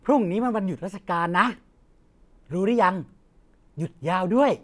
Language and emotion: Thai, happy